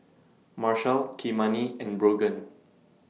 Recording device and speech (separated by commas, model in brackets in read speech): mobile phone (iPhone 6), read sentence